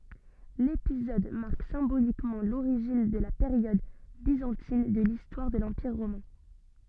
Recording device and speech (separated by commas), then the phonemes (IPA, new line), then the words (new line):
soft in-ear microphone, read sentence
lepizɔd maʁk sɛ̃bolikmɑ̃ loʁiʒin də la peʁjɔd bizɑ̃tin də listwaʁ də lɑ̃piʁ ʁomɛ̃
L’épisode marque symboliquement l’origine de la période byzantine de l’histoire de l’Empire romain.